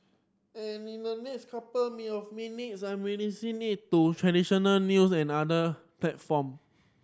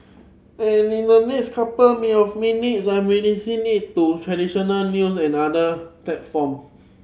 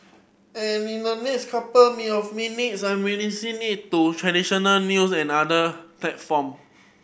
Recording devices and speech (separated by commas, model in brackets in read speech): standing microphone (AKG C214), mobile phone (Samsung C7100), boundary microphone (BM630), read sentence